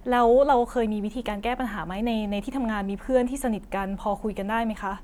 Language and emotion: Thai, neutral